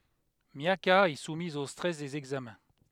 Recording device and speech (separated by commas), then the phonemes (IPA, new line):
headset microphone, read sentence
mjaka ɛ sumiz o stʁɛs dez ɛɡzamɛ̃